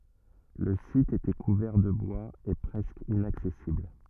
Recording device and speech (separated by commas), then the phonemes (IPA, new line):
rigid in-ear microphone, read sentence
lə sit etɛ kuvɛʁ də bwaz e pʁɛskə inaksɛsibl